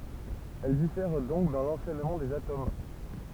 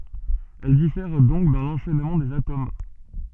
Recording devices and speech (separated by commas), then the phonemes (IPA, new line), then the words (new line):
temple vibration pickup, soft in-ear microphone, read sentence
ɛl difɛʁ dɔ̃k dɑ̃ lɑ̃ʃɛnmɑ̃ dez atom
Elles diffèrent donc dans l'enchaînement des atomes.